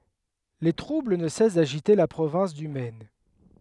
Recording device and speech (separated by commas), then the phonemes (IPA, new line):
headset microphone, read sentence
le tʁubl nə sɛs daʒite la pʁovɛ̃s dy mɛn